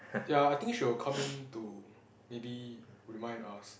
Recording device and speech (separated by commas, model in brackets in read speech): boundary microphone, conversation in the same room